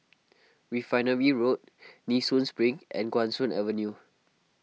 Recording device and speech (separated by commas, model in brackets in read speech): mobile phone (iPhone 6), read sentence